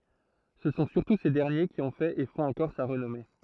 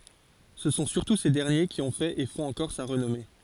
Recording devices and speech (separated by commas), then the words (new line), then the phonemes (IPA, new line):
throat microphone, forehead accelerometer, read sentence
Ce sont surtout ces derniers qui ont fait et font encore sa renommée.
sə sɔ̃ syʁtu se dɛʁnje ki ɔ̃ fɛt e fɔ̃t ɑ̃kɔʁ sa ʁənɔme